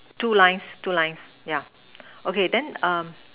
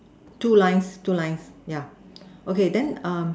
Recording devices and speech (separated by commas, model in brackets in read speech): telephone, standing microphone, conversation in separate rooms